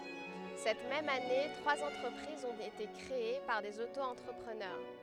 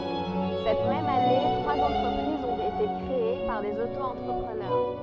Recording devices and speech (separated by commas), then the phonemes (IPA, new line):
headset microphone, soft in-ear microphone, read sentence
sɛt mɛm ane tʁwaz ɑ̃tʁəpʁizz ɔ̃t ete kʁee paʁ dez oto ɑ̃tʁəpʁənœʁ